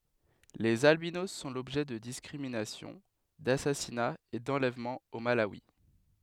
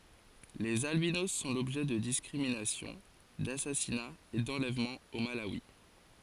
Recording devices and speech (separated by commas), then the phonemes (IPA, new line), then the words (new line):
headset microphone, forehead accelerometer, read sentence
lez albinos sɔ̃ lɔbʒɛ də diskʁiminasjɔ̃ dasasinaz e dɑ̃lɛvmɑ̃z o malawi
Les albinos sont l'objet de discriminations, d'assassinats et d'enlèvements au Malawi.